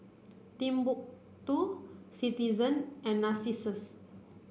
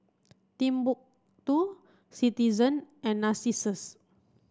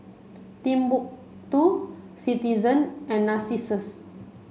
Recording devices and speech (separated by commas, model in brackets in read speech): boundary microphone (BM630), standing microphone (AKG C214), mobile phone (Samsung C5), read sentence